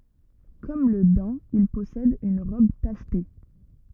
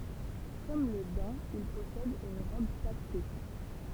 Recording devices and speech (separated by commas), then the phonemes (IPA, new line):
rigid in-ear microphone, temple vibration pickup, read sentence
kɔm lə dɛ̃ il pɔsɛd yn ʁɔb taʃte